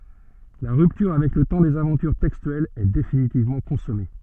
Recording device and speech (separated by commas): soft in-ear microphone, read sentence